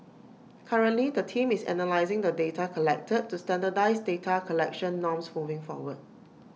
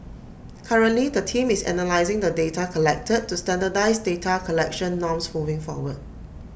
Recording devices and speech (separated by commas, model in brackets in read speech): mobile phone (iPhone 6), boundary microphone (BM630), read sentence